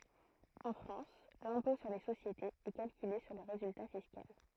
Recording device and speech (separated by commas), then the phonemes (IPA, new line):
throat microphone, read sentence
ɑ̃ fʁɑ̃s lɛ̃pɔ̃ syʁ le sosjetez ɛ kalkyle syʁ lə ʁezylta fiskal